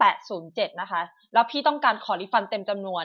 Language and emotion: Thai, neutral